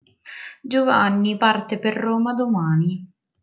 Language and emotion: Italian, sad